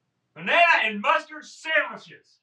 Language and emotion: English, disgusted